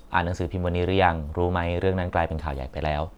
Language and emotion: Thai, neutral